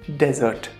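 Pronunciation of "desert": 'Dessert' is pronounced incorrectly here: it is said like the word 'desert'.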